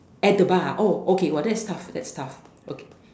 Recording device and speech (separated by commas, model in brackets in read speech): standing microphone, conversation in separate rooms